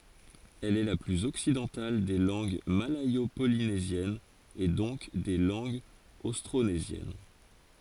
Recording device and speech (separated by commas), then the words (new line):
forehead accelerometer, read sentence
Elle est la plus occidentale des langues malayo-polynésiennes et donc des langues austronésiennes.